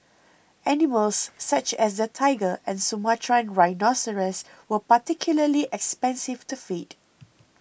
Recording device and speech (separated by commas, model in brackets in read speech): boundary microphone (BM630), read sentence